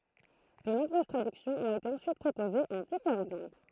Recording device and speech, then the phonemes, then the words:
throat microphone, read sentence
də nɔ̃bʁøz tʁadyksjɔ̃z ɔ̃t ete ɑ̃syit pʁopozez ɑ̃ difeʁɑ̃t lɑ̃ɡ
De nombreuses traductions ont été ensuite proposées en différentes langues.

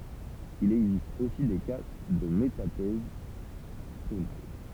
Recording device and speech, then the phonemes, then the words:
temple vibration pickup, read sentence
il ɛɡzist osi de ka də metatɛz tonal
Il existe aussi des cas de métathèse tonale.

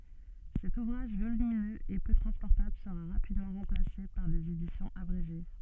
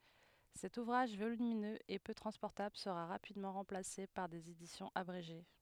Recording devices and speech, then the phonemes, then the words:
soft in-ear microphone, headset microphone, read sentence
sɛt uvʁaʒ volyminøz e pø tʁɑ̃spɔʁtabl səʁa ʁapidmɑ̃ ʁɑ̃plase paʁ dez edisjɔ̃z abʁeʒe
Cet ouvrage volumineux et peu transportable sera rapidement remplacé par des éditions abrégées.

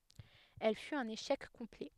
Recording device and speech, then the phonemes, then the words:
headset microphone, read sentence
ɛl fyt œ̃n eʃɛk kɔ̃plɛ
Elle fut un échec complet.

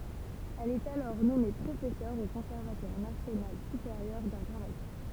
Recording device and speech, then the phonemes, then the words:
temple vibration pickup, read sentence
ɛl ɛt alɔʁ nɔme pʁofɛsœʁ o kɔ̃sɛʁvatwaʁ nasjonal sypeʁjœʁ daʁ dʁamatik
Elle est alors nommée professeur au Conservatoire national supérieur d'art dramatique.

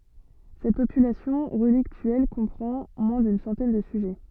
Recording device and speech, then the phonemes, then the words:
soft in-ear microphone, read sentence
sɛt popylasjɔ̃ ʁəliktyɛl kɔ̃pʁɑ̃ mwɛ̃ dyn sɑ̃tɛn də syʒɛ
Cette population relictuelle comprend moins d'une centaine de sujets.

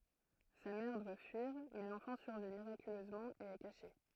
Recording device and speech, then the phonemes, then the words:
throat microphone, read sentence
sa mɛʁ dwa fyiʁ mɛ lɑ̃fɑ̃ syʁvi miʁakyløzmɑ̃ e ɛ kaʃe
Sa mère doit fuir, mais l'enfant survit miraculeusement et est caché.

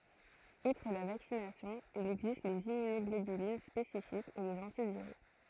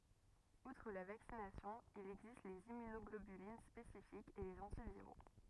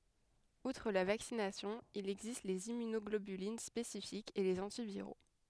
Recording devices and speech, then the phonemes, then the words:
throat microphone, rigid in-ear microphone, headset microphone, read sentence
utʁ la vaksinasjɔ̃ il ɛɡzist lez immynɔɡlobylin spesifikz e lez ɑ̃tiviʁo
Outre la vaccination, il existe les immunoglobulines spécifiques et les antiviraux.

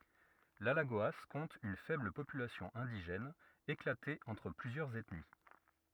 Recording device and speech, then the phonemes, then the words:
rigid in-ear microphone, read sentence
lalaɡoa kɔ̃t yn fɛbl popylasjɔ̃ ɛ̃diʒɛn eklate ɑ̃tʁ plyzjœʁz ɛtni
L’Alagoas compte une faible population indigène, éclatée entre plusieurs ethnies.

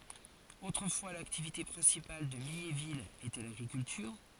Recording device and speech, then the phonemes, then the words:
forehead accelerometer, read sentence
otʁəfwa laktivite pʁɛ̃sipal də miɲevil etɛ laɡʁikyltyʁ
Autrefois l'activité principale de Mignéville était l'agriculture.

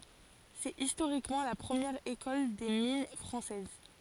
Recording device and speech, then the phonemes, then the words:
forehead accelerometer, read sentence
sɛt istoʁikmɑ̃ la pʁəmjɛʁ ekɔl de min fʁɑ̃sɛz
C'est historiquement la première École des mines française.

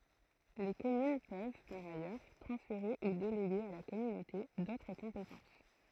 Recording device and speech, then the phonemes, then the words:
throat microphone, read sentence
le kɔmyn pøv paʁ ajœʁ tʁɑ̃sfeʁe u deleɡe a la kɔmynote dotʁ kɔ̃petɑ̃s
Les communes peuvent, par ailleurs, transférer ou déléguer à la communauté d'autres compétences.

